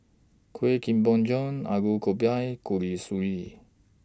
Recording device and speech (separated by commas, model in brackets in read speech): standing microphone (AKG C214), read sentence